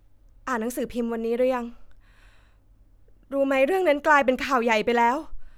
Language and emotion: Thai, frustrated